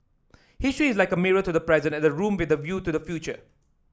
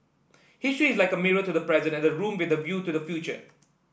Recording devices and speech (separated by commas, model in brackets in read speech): standing microphone (AKG C214), boundary microphone (BM630), read sentence